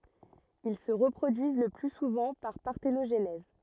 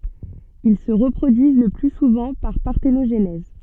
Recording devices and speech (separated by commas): rigid in-ear microphone, soft in-ear microphone, read sentence